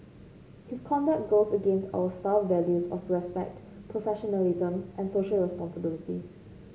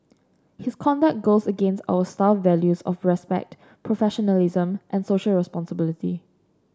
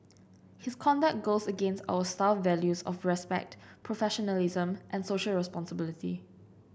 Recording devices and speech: mobile phone (Samsung C5), standing microphone (AKG C214), boundary microphone (BM630), read sentence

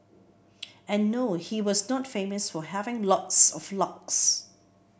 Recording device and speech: boundary microphone (BM630), read sentence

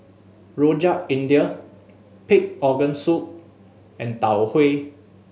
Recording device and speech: mobile phone (Samsung S8), read sentence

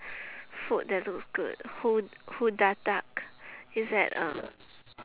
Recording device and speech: telephone, conversation in separate rooms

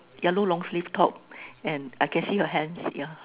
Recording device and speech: telephone, conversation in separate rooms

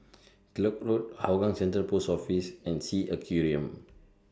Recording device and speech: standing microphone (AKG C214), read sentence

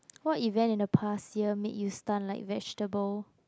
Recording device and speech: close-talking microphone, conversation in the same room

